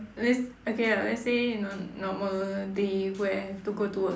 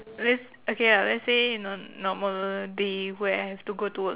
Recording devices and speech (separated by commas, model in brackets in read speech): standing microphone, telephone, conversation in separate rooms